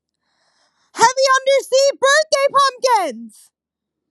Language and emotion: English, surprised